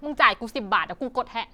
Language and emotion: Thai, angry